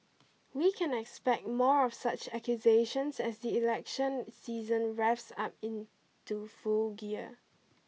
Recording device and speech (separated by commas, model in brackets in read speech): mobile phone (iPhone 6), read sentence